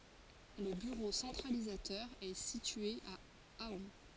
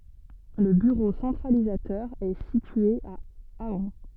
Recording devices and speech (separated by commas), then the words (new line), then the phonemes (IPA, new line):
forehead accelerometer, soft in-ear microphone, read sentence
Le bureau centralisateur est situé à Ahun.
lə byʁo sɑ̃tʁalizatœʁ ɛ sitye a aœ̃